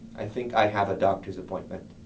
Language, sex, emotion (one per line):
English
male
neutral